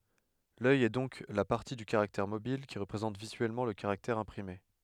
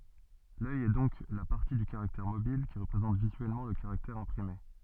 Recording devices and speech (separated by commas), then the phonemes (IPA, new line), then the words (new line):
headset microphone, soft in-ear microphone, read sentence
lœj ɛ dɔ̃k la paʁti dy kaʁaktɛʁ mobil ki ʁəpʁezɑ̃t vizyɛlmɑ̃ lə kaʁaktɛʁ ɛ̃pʁime
L’œil est donc la partie du caractère mobile qui représente visuellement le caractère imprimé.